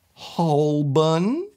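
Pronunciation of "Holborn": In 'Holborn', the R is not pronounced. This is an acceptable way for a Londoner to say it.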